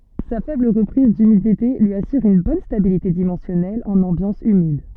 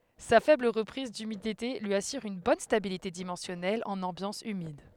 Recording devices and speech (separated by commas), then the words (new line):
soft in-ear microphone, headset microphone, read sentence
Sa faible reprise d'humidité lui assure une bonne stabilité dimensionnelle en ambiance humide.